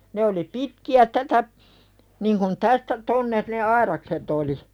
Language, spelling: Finnish, ne oli pitkiä tätä niin kuin tästä tuonne ne aidakset oli
- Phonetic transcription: ne oli 'pitki₍ä tätä , niŋ kun 'tästä "tonne , ne "airakset ‿oli .

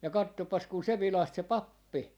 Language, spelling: Finnish, ja katsopas kun se vilahti se pappi
- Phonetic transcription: ja 'kattoppas kun 'se 'vilaht se "pappi .

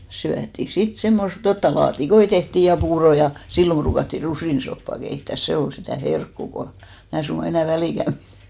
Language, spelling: Finnish, syötiin sitten semmoista jotakin laatikoita tehtiin ja puuroa ja silloin ruukattiin rusinasoppaa keittää se oli sitä herkkua kun minä suinkaan enää väliäkään pidä
- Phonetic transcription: syätti "sit semmost , 'jotta 'laati'koi tehtì ja 'puurò ja , 'sillom ʙruukatti "rusìnsoppà keittä̀s "se ol sitä̀ "herkkù ko , 'mää suŋɢa 'enä̀ 'välìkäm ʙirᴀ̈ .

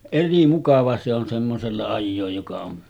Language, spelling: Finnish, eri mukava se on semmoisella ajaa joka on
- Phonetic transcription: 'eri 'mukava se ‿on semmosella 'ajjooj joka on ,.

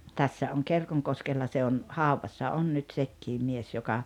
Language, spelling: Finnish, tässä on Kerkonkoskella se on haudassa on nyt sekin mies joka
- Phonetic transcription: 'tässä oŋ 'Kerkoŋkoskella se on , "hauvassa 'on nyt 'sekkiim mies joka ,.

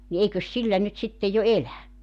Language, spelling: Finnish, niin eikös sillä nyt sitten jo elä
- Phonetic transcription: ni 'eikös 'sillä nyt sitte jo "elä .

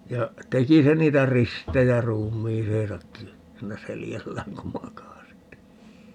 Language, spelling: Finnish, ja teki se niitä ristejä ruumiiseensakin siinä selällään kun makasi
- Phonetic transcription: 'ja , 'teki se 'niitä "ristejä "ruum̆miiseesakki , 'siinä "seljällääŋ ku 'makasi .

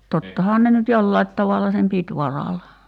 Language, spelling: Finnish, tottahan ne nyt jollakin tavalla sen piti varalla
- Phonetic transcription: 'tottahaan ne nyt 'jollait tavalla sem "pit varala .

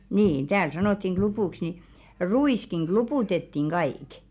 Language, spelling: Finnish, niin täällä sanottiin klupuksi niin ruiskin kluputettiin kaikki
- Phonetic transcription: 'niin "tääl 'sanottiŋ "ɢlupùks ni , "ru₍ìskiŋ 'ɢlupùtettiŋ 'ɢaìk .

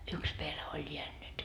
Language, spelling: Finnish, yksi perhe oli jäänyt
- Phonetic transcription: "yks 'perhe oĺ jeännyt .

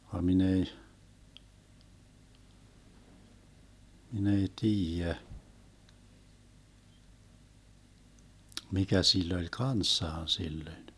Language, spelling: Finnish, vaan minä ei minä ei tiedä mikä sillä oli kanssaan silloin
- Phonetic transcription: va mi'n ‿ei , mi'n ‿ei "tiijä , 'mikä 'sill ‿oĺ "kanssaan 'sillöⁱn .

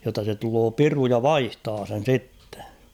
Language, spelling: Finnish, jotta se tulee piru ja vaihtaa sen sitten
- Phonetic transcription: jotta se tuloo "piru ja "vaihtaa sen̬ 'sittᴇ .

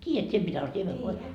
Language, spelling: Finnish, tiedät sinä mitä on siemenvoi
- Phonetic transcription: 't́iijät sie mitä o 'siemevvoi ?

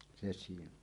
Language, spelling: Finnish, se siinä on
- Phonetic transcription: 'se siin ‿on .

